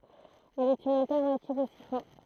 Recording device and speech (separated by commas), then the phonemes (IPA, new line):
throat microphone, read sentence
ɛl ɛt yn altɛʁnativ o sifɔ̃